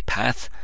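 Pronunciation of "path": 'Path' is pronounced the northern English way.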